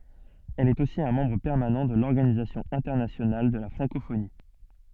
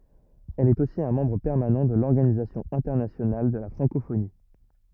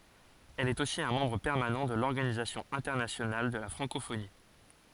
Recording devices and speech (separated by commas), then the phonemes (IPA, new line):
soft in-ear microphone, rigid in-ear microphone, forehead accelerometer, read sentence
ɛl ɛt osi œ̃ mɑ̃bʁ pɛʁmanɑ̃ də lɔʁɡanizasjɔ̃ ɛ̃tɛʁnasjonal də la fʁɑ̃kofoni